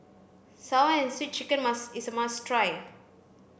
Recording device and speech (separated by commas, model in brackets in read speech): boundary microphone (BM630), read sentence